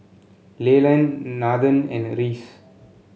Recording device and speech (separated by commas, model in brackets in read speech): mobile phone (Samsung C7), read sentence